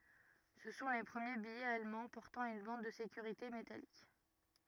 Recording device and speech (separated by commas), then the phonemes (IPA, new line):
rigid in-ear microphone, read sentence
sə sɔ̃ le pʁəmje bijɛz almɑ̃ pɔʁtɑ̃ yn bɑ̃d də sekyʁite metalik